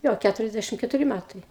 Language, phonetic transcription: Lithuanian, ˈjo ˈkæturiasˌdæšim ketuˈri ˈmætai

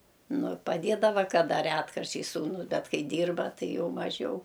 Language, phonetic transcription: Lithuanian, ˈnu paˈdėdava kaˈda ˈretkarčiais sūˈnus ˈbet ˈkai ˈdyrba ˈtai ˈjau maˈžiau

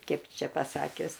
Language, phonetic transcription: Lithuanian, ˈkaip ˈčia paˈsakius

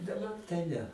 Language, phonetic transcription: Lithuanian, daˈbar tai ˈne

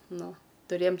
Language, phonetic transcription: Lithuanian, ˈnu tuˈrėjam

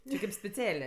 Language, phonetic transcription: Lithuanian, či kip speˈcelė

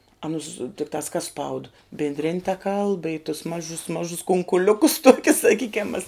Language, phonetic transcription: Lithuanian, aˈnus tikˈtās kas spaud bindˈrin' ta kalb i tus ˈmažus ˈmažus kunkuˈliukus ˈtokius saˈkykiam mas

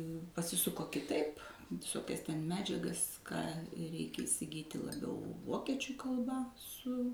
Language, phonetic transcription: Lithuanian, pasiˈsuko kiˈtaip viˈsokias ten ˈmedžiagas ˈką ˈreikia isiˈgyti laˈbiau ˈvokiečiu kalˈba ˈsu

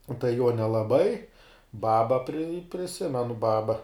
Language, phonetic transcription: Lithuanian, u tai juo nelaˈbai ˈbaba pri priˈsimenu ˈbaba

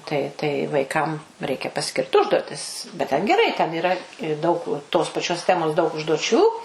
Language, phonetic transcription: Lithuanian, ˈtai tai vaiˈkam ˈreikia paˈskirt ˈužduotis bet ˈten geˈrai ten yˈra i ˈdaug tos paˈčios ˈtemos daug užduoˈčių

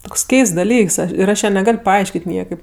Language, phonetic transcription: Lithuanian, ˈtoks ˈkeists daˈlyks ir ˈaš ˈją neˈgal' paˈaiškėt' ˈniekaip

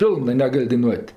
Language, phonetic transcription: Lithuanian, ˈpilnɜ neˈgal' daiˈnuot'

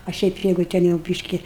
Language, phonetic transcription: Lithuanian, a ˈšiaip ˈjeigu ˈten jau ˈbyški

